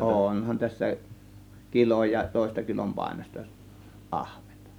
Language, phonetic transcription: Finnish, ònhan tässä , "kiloj ja 'tòėsta kilompàėnosta , 'ˀahVENtA .
- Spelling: onhan tässä kilo ja toista kilonpainoista ahventa

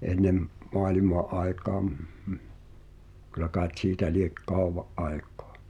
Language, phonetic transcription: Finnish, '’ennem , "moalima’ ’ai̬kaam , kylä kàet 'siitä liek "kauwva’ '’ai̬k̀ᴏᴀ .
- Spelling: ennen maailman aikaan kyllä kai siitä lie kauan aikaa

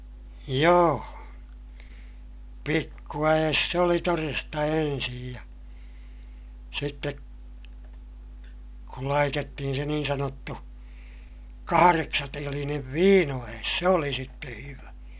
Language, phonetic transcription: Finnish, joo , pikku₍äʲes se oli toresta ensij ja , sitte , kul laitettihin se niin sanottu , kahareksatelinev viino₍ä₍es se oli sitte hyvä .
- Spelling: joo pikkuäes se oli todesta ensin ja sitten kun laitettiin se niin sanottu kahdeksantelinen viinoäes se oli sitten hyvä

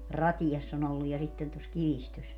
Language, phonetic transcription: Finnish, "Ratijass ‿on ‿olluj ja 'sitten tos 'Kivistös .
- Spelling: Ratiassa on ollut ja sitten tuossa Kivistössä

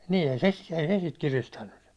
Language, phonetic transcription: Finnish, nii , ei se , ei se sit 'kiristänny .
- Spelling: niin ei se ei se sitten kiristänyt

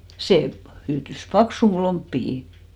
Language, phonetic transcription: Finnish, 'se pᵃ- , hyytys "paksuhu 'lomppihi .
- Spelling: se - hyytyi paksuun lomppiin

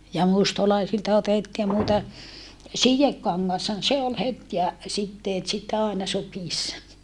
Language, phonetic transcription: Finnish, ja mustalaisilta otettii nuita , sijekkaŋŋashan se ol het ja , sitteet sit àena sukìssa .
- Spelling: ja mustalaisilta otettiin noita sidekangashan se oli heti ja siteet sitten aina sukissa

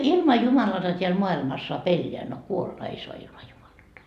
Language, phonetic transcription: Finnish, 'ilma 'Jumalata teäl 'moa₍ilmas soa"p ‿elleä , no "kuolla 'ei soa ilma Jumalata .
- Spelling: ilman Jumalatta täällä maailmassa saa elää no kuolla ei saa ilman Jumalatta

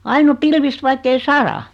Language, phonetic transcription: Finnish, 'ain ‿o 'pilvist 'vaikkei "sara .
- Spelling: aina on pilvistä vaikka ei sada

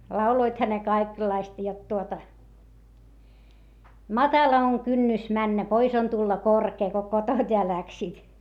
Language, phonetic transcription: Finnish, lauloitha ne kaikellaista jot tuota , » matala oŋ kynnys männä , pois on tulla korkee » , ko kotoⁿt ja läksiit .
- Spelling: lauloivathan ne kaikenlaista jotta tuota matala on kynnys mennä pois on tulla korkea kun kotoa ja lähtivät

